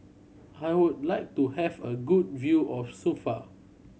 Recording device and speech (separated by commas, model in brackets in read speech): mobile phone (Samsung C7100), read sentence